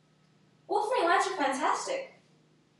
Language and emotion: English, happy